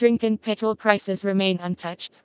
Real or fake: fake